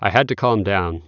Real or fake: real